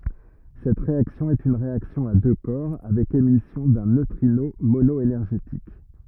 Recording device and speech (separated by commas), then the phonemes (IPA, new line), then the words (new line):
rigid in-ear microphone, read sentence
sɛt ʁeaksjɔ̃ ɛt yn ʁeaksjɔ̃ a dø kɔʁ avɛk emisjɔ̃ dœ̃ nøtʁino monɔenɛʁʒetik
Cette réaction est une réaction à deux corps avec émission d'un neutrino mono-énergétique.